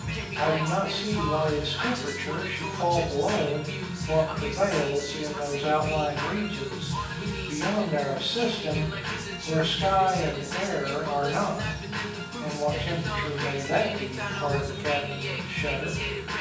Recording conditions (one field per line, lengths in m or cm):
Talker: one person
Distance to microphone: 9.8 m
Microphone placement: far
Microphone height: 1.8 m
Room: large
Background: music